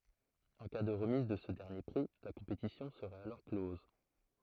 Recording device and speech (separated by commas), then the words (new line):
throat microphone, read sentence
En cas de remise de ce dernier prix, la compétition serait alors close.